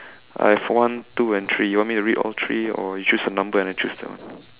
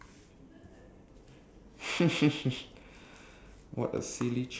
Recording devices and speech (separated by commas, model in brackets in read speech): telephone, standing microphone, conversation in separate rooms